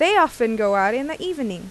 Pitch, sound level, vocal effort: 250 Hz, 89 dB SPL, loud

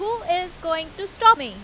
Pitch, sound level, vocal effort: 360 Hz, 97 dB SPL, very loud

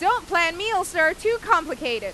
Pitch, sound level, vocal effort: 385 Hz, 100 dB SPL, very loud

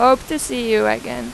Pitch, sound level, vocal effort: 220 Hz, 93 dB SPL, very loud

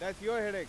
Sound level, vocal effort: 103 dB SPL, very loud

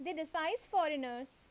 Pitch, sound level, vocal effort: 300 Hz, 87 dB SPL, loud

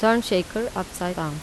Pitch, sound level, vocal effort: 185 Hz, 83 dB SPL, normal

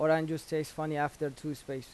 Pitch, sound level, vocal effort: 150 Hz, 88 dB SPL, normal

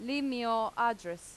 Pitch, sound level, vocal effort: 230 Hz, 90 dB SPL, loud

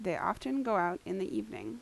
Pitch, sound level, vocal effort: 180 Hz, 82 dB SPL, normal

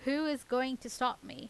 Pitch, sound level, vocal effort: 255 Hz, 87 dB SPL, loud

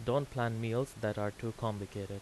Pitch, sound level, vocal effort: 115 Hz, 84 dB SPL, normal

